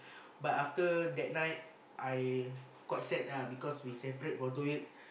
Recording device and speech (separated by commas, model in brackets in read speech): boundary microphone, conversation in the same room